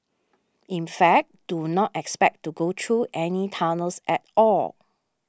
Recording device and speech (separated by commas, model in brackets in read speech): standing microphone (AKG C214), read sentence